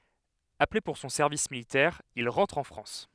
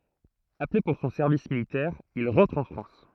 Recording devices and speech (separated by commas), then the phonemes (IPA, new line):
headset microphone, throat microphone, read sentence
aple puʁ sɔ̃ sɛʁvis militɛʁ il ʁɑ̃tʁ ɑ̃ fʁɑ̃s